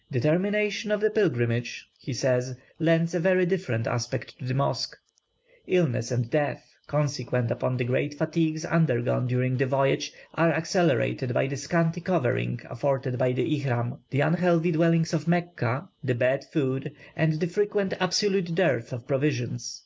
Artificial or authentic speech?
authentic